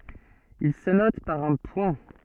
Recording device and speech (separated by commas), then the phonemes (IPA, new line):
soft in-ear microphone, read sentence
il sə nɔt paʁ œ̃ pwɛ̃